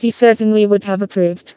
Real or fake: fake